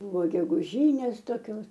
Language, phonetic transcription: Lithuanian, ˈbūvo geguˈžynės toˈkios

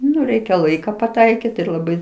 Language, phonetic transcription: Lithuanian, ˈnu ˈreikia ˈlaika paˈtaikit ir laˈbai

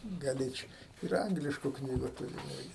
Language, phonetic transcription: Lithuanian, gaˈlėč' ir ˈanglišku ˈknygu tuˈriu ˈirgi

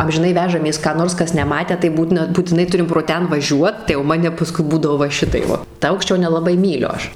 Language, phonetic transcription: Lithuanian, amžiˈnai ˈvežamės ką ˈnors ˈkas neˈmatę tai ˈbūtina būtiˈnai ˈturim pro ˈten vaˈžiuot tai jau ˈmane paˈskui ˈbūdavo va ˈšitaip ˈva ta ˈaukščio nelaˈbai ˈmyliu ˈaš

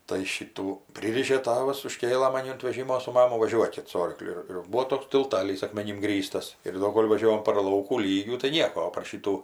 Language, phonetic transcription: Lithuanian, tai ˈšytų ˈpryrišė ˈtavas uˈžkėlɘ maˈni unt veˈžimo su ˈmamu vaˈžiuokit su ˈorkliu ir ˈbūo ˈtoks tilˈtalys akmeˈnim ˈgrįstas ir ˈdo ˈkol' vaˈžiovom par ˈlaukų ˈlygių tai ˈnieko o par ˈšytų

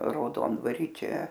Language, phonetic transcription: Lithuanian, rauˈdondvary ˈčia

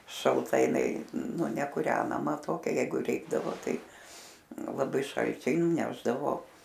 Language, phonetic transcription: Lithuanian, šalˈta jiˈnai ˈnu nekuˈrenama ˈtokia ˈjeigu ˈreikdavo ˈtai ˈnu laˈbai ˈšalčiai nuˈnešdavo

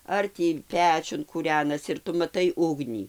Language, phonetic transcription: Lithuanian, ˈar tį ˈpečiun kūˈrenasi ir ˈtu maˈtai ˈugnį

